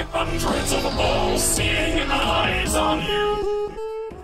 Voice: dramatic voice